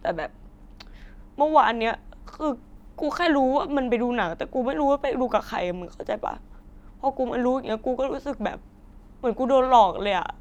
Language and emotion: Thai, sad